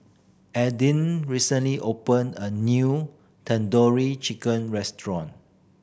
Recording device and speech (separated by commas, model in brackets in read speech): boundary microphone (BM630), read sentence